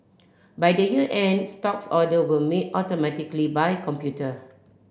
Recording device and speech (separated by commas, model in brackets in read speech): boundary microphone (BM630), read sentence